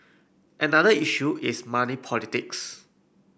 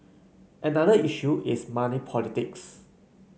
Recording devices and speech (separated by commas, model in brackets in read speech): boundary microphone (BM630), mobile phone (Samsung C9), read sentence